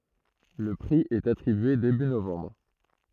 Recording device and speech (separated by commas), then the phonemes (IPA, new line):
throat microphone, read sentence
lə pʁi ɛt atʁibye deby novɑ̃bʁ